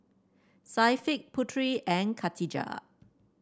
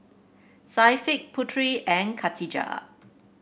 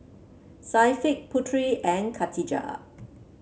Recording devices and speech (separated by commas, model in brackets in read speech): standing microphone (AKG C214), boundary microphone (BM630), mobile phone (Samsung C7), read sentence